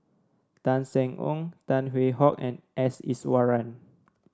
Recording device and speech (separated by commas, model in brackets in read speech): standing microphone (AKG C214), read sentence